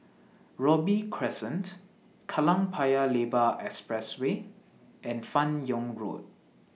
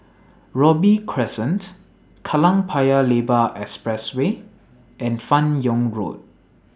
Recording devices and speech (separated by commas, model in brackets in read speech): mobile phone (iPhone 6), standing microphone (AKG C214), read sentence